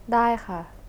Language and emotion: Thai, neutral